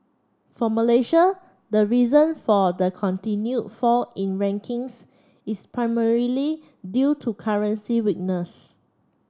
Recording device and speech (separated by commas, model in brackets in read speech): standing microphone (AKG C214), read sentence